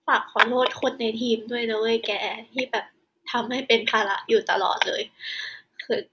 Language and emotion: Thai, sad